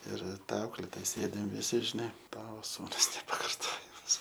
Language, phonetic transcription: Lithuanian, ˈir ˈta ˈauklėtoja ˈsėdim viˈsi ir ˈšne ˈtavo ˈsūnus nepakarˈtojamas

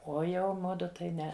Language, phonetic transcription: Lithuanian, ˈo ˈjau ˈmudu tai ˈne

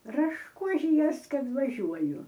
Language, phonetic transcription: Lithuanian, rašˈkužijuos ˈkad vaˈžiuoju

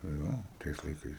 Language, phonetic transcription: Lithuanian, nu ˈjo ˈtais laiˈkais

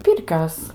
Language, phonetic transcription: Lithuanian, ˈpirkios

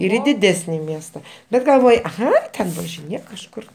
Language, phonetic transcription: Lithuanian, ir i diˈdesni ˈmiesta ˈbet galˈvoj ˈai ten važiˈnėk kažˈkur

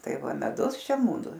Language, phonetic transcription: Lithuanian, ˈtai ˈva meˈdus ˈšia muˈdu

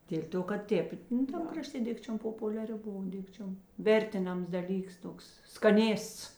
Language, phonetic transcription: Lithuanian, dėl' ˈto kad ˈtėp nu ˈtam kraˈštė ˈdikčiom populiaˈri ˈbova ˈdikčiom ˈvertiˌnams daˈlyks ˈtoks skaˈnėsts

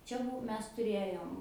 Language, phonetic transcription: Lithuanian, ˈčia ˈbuo ˈmes tuˈrėjom

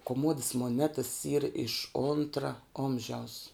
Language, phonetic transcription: Lithuanian, koˈmodas moˈnetas yr iš ˈontra ˈomžiaus

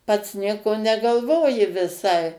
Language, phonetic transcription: Lithuanian, pats ˈnieko negalˈvoji viˈsai

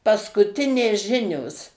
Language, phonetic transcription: Lithuanian, paskuˈtinės ˈžinios

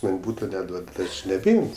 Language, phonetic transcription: Lithuanian, ˈman' ˈbūto neˈduod ti ˈaš nebeˈim's'

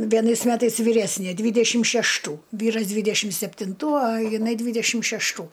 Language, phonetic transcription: Lithuanian, vieˈnais ˈmetais vyˈresnė ˈdvydešim šešˈtų ˈvyras ˈdvydešim septinˈtų ˈa jiˈnai ˈdvydešim šešˈtų

